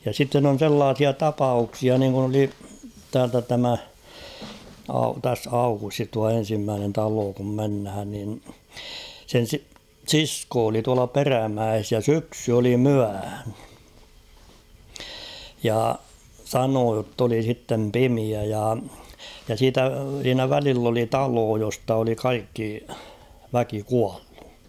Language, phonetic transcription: Finnish, ja sitten ‿on̬ 'sellaasia "tapauksia niiŋkun ‿oli 'täältä 'tämä , au- täs 'Aukustis tua 'en̬simmäänen 'taloo kum 'menhän nin , sen si- "siskoo oli 'tuala "Perämäes ja 'syksy oli "myähᴀ̈ ; ja "sanoo jott ‿oli sittem "pimiä ja , ja siitä , siinä 'välill ‿oli "taloo josta oli "kaikki , 'väki 'kuallᴜ .
- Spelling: ja sitten on sellaisia tapauksia niin kuin oli täältä tämä - tässä Aukustissa tuo ensimmäinen talo kun mennään niin sen - sisko oli tuolla Perämäessä ja syksy oli myöhä ja sanoi jotta oli sitten pimeä ja ja siitä siinä välillä oli talo josta oli kaikki väki kuollut

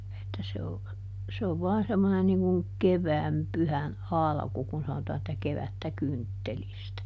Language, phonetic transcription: Finnish, että se o , se ov ˈvɔan semmonen niŋ kuŋ , "kevääm ˈpyhän "alᵃku kun ˈsanotaa että » ˈkevättä "kynttelistä » .
- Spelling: että se on se on vain semmoinen niin kuin kevään pyhän alku kun sanotaan että kevättä kynttelistä

